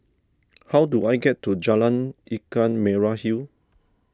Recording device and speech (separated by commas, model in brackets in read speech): standing microphone (AKG C214), read sentence